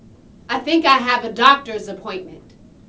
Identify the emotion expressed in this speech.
neutral